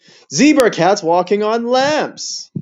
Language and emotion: English, happy